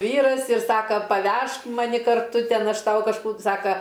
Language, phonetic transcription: Lithuanian, ˈvyras ir ˈsaka paˈvežk maˈni karˈtu ˈten ˈaš ˈtau kažˈkų ˈsaka

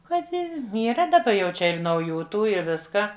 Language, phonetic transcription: Lithuanian, ˈkad ˈne yˈra daˈba jau ˈčia ir nauˈjų ˈtų i ˈviską

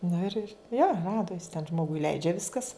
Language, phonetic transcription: Lithuanian, ˈnu ir ir jo ˈradu jis ten ˈžmogui ˈleidžia ˈviskas

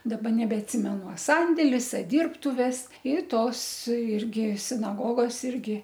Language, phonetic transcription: Lithuanian, daˈba nebeatˈsimenu a ˈsandėlis a ˈdyrbtuves i ˈtos ˈirgi sinaˈgogos ˈirgi

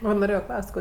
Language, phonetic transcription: Lithuanian, ˈva noˈrėjo ˈklaus't' ˈko

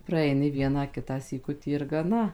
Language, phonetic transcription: Lithuanian, praeiˈni ˈvieną ˈkitą syˈkutį ir gaˈna

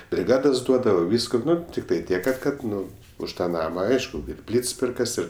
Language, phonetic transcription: Lithuanian, briˈgadas ˈduodavo ˈvysku ˈnu tikˈtai ˈtiek kad ˈkad ˈnu už ˈtą ˈnama ˈaišku ir ˈplyts ˈpirkas ˈir

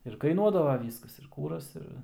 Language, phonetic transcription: Lithuanian, ir kaiˈnuodava ˈvyskas ir ˈkūras ˈir

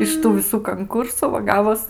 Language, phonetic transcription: Lithuanian, iš ˈtų viˈsų kanˈkursu va ˈgavos

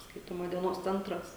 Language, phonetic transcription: Lithuanian, ˈskaitoma dieˈnos ˈcentras

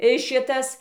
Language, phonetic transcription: Lithuanian, i ˈšitas

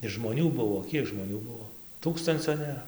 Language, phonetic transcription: Lithuanian, ir žmoˈnių ˈbuvo ˈkiek žmoˈnių ˈbuo ˈtūkstancio nėˈra

